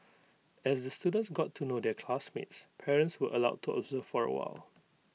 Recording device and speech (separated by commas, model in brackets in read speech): mobile phone (iPhone 6), read sentence